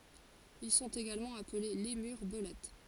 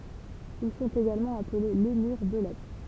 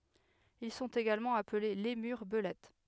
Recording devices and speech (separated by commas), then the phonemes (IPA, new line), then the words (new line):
forehead accelerometer, temple vibration pickup, headset microphone, read sentence
il sɔ̃t eɡalmɑ̃ aple lemyʁ bəlɛt
Ils sont également appelés lémurs belettes.